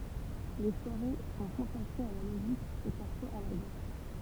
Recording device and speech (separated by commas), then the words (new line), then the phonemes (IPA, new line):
temple vibration pickup, read sentence
Les soirées sont consacrées à la musique et parfois à la danse.
le swaʁe sɔ̃ kɔ̃sakʁez a la myzik e paʁfwaz a la dɑ̃s